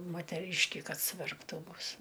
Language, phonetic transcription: Lithuanian, moteˈryški ˈkad suverpˈtų ˈbus

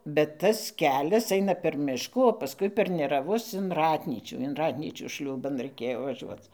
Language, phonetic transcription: Lithuanian, bet ˈtas ˈkelias ˈaina per ˈmiškų o paˈskui per neraˈvus in ˈratnyčių in ˈratnyčių ˈšliūban raiˈkėjo vaˈžiuoc

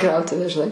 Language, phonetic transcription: Lithuanian, ˈkrautuvę žiˈnai

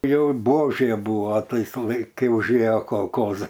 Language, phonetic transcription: Lithuanian, ˈjau ˈbuožėˈbūvo ˈtais laik ˈkai užˈėjo kolˈkozai

